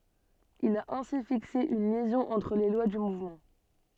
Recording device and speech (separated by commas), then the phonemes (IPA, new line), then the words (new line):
soft in-ear microphone, read sentence
il a ɛ̃si fikse yn ljɛzɔ̃ ɑ̃tʁ le lwa dy muvmɑ̃
Il a ainsi fixé une liaison entre les lois du mouvement.